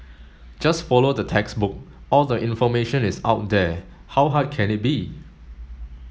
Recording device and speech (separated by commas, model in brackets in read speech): mobile phone (Samsung S8), read sentence